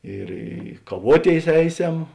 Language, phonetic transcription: Lithuanian, ir ˈi kaˈvuoˌtėis ˈeiˌsem

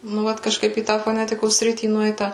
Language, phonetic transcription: Lithuanian, nu ˈvat kažˈkaip į ˈtą foˈnetikos ˈsritį ˈnueita

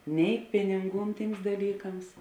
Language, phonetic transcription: Lithuanian, nei ˈpininˌgūn ˈtyms daˈlykams

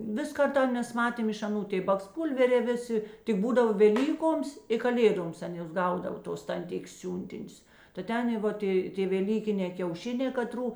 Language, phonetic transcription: Lithuanian, ˈvis ˈkarta ˈmes ˈmatėm iš aˈnų ˈtė baksˈpūlverė ˈvėˌsi tik ˈbūdava veˈlykoms i kaˈlėdoms ˈtėn ˈjos ˈgaudava ˈtos tanˈtikės ˈsiūntinius ta ˈten ˈvot ė tė veˈlykinē kiauˈšinē kaˈtrų

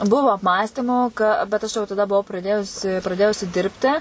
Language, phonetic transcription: Lithuanian, ˈbuvo apˈmąstymo ˈka bet ˈaš jau taˈda buˈvau praˈdėjusi praˈdėjusi ˈdirbti

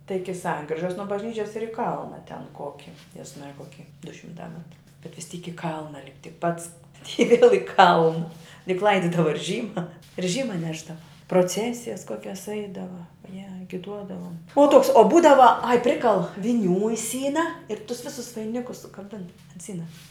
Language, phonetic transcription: Lithuanian, tai ˈiki ˈsankrižas nuo bažˈnyčias ir i ˈkalna ten ˈkoki jez ˈmarija ˈkoki du šimˈtā ˈmetru bet vis ˈtyk i ˈkalna lipt' tik ˈpats ti viel i ˈkalna juk ˈlaididava ir ˈžyma ir ˈžyma ˈnešdava proˈcesijas ˈkokias ˈeidava je i giˈduodavom o ˈtoks o ˈbūdava ai ˈprikal viˈnių i ˈsyna ir tus ˈvisus vaiˈnikus sukaˈbin ant ˈsynas

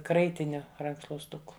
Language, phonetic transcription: Lithuanian, ˈkraitiniu rankšluosˈtuku

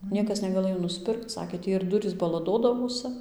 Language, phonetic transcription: Lithuanian, ˈniekas negaˈlɘjo nusˈpirkc ˈsakė ˈtį ir ˈdurys balaˈdodavosɨ

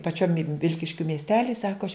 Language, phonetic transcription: Lithuanian, paˈčiom ˈvilkiškiu miesˈteli ˈsako aš

